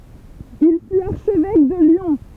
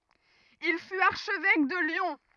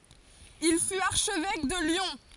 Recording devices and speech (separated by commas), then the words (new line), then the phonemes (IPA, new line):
temple vibration pickup, rigid in-ear microphone, forehead accelerometer, read sentence
Il fut archevêque de Lyon.
il fyt aʁʃvɛk də ljɔ̃